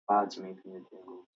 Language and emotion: English, disgusted